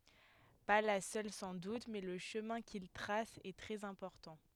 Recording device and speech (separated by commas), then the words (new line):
headset microphone, read sentence
Pas la seule sans doute, mais le chemin qu'il trace est très important.